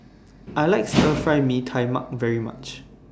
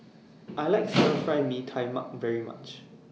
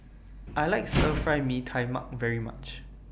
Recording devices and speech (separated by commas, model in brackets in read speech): standing microphone (AKG C214), mobile phone (iPhone 6), boundary microphone (BM630), read sentence